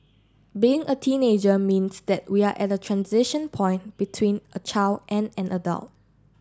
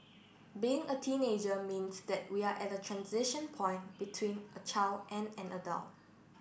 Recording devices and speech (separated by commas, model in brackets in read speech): standing microphone (AKG C214), boundary microphone (BM630), read sentence